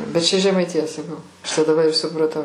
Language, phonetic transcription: Lithuanian, bet ˈčia žemaitiˈja saˈkau ˈaš tai daˈba i supraˈtau

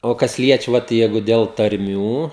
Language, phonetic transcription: Lithuanian, o ˈkas ˈliečia ˈvat ˈjeigu del tarˈmių

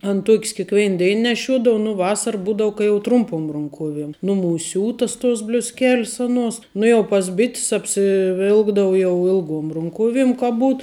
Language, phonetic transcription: Lithuanian, an ˈtuok's kikˈvein ˈdein neˈšiuodov nu ˈvasar ˈbūdau ka jau ˈtrumpum runˈkuoviem ˈnumūs' ˈsiūtas tos bliusˈkel's oˈnuos ˈnu jau pas ˈbit's apsiˈvilkdavu ˈjau ˈilˌguom runˈkuovim ka ˈbūt

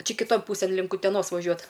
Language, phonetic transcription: Lithuanian, ˈčia kiˈton ˈpūsėn ˈlink uteˈnos vaˈžiuot

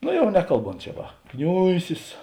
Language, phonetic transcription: Lithuanian, ˈno ˈjau ˈnekalˌbont čia ˈva ˈkniuisis

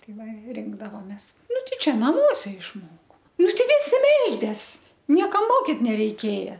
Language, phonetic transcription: Lithuanian, ˈtai ˈva ˈrinkdavomės ˈnu ˈtei ˈčia ˈnamuose išmoko ˈnu teiˈgi viˈsi ˈmeldės ˈniekam ˈmokit nereiˈkėja

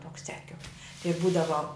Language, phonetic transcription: Lithuanian, ˈtoks ceˈkiuk tai ˈbūdavo

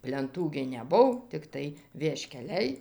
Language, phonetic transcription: Lithuanian, plenˈtų gi neˈbuv tikˈtai vieškeˈliai

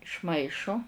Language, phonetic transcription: Lithuanian, išˈmaišu

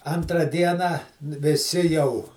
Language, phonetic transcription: Lithuanian, antˈra ˈdieną viˈsi jau

